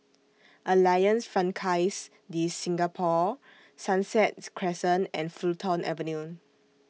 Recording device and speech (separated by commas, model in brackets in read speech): mobile phone (iPhone 6), read sentence